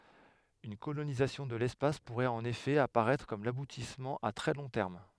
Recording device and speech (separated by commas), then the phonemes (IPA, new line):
headset microphone, read sentence
yn kolonizasjɔ̃ də lɛspas puʁɛt ɑ̃n efɛ apaʁɛtʁ kɔm labutismɑ̃ a tʁɛ lɔ̃ tɛʁm